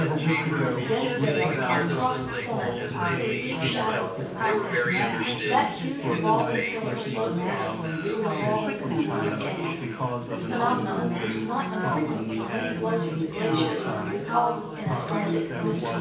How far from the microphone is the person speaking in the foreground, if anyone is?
9.8 m.